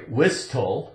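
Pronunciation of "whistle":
'Whistle' is pronounced incorrectly here.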